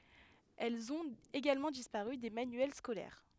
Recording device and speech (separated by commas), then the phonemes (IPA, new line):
headset microphone, read sentence
ɛlz ɔ̃t eɡalmɑ̃ dispaʁy de manyɛl skolɛʁ